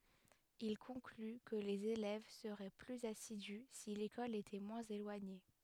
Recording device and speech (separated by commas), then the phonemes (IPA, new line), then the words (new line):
headset microphone, read sentence
il kɔ̃kly kə lez elɛv səʁɛ plyz asidy si lekɔl etɛ mwɛ̃z elwaɲe
Il conclut que les élèves seraient plus assidus si l'école était moins éloignée.